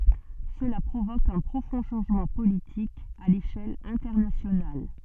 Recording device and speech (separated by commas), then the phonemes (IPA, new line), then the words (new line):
soft in-ear microphone, read sentence
səla pʁovok œ̃ pʁofɔ̃ ʃɑ̃ʒmɑ̃ politik a leʃɛl ɛ̃tɛʁnasjonal
Cela provoque un profond changement politique à l'échelle internationale.